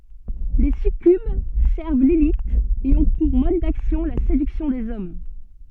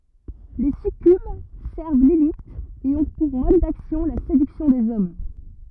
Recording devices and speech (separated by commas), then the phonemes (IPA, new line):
soft in-ear microphone, rigid in-ear microphone, read sentence
le sykyb sɛʁv lili e ɔ̃ puʁ mɔd daksjɔ̃ la sedyksjɔ̃ dez ɔm